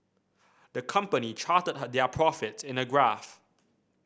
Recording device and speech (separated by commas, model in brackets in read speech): boundary microphone (BM630), read sentence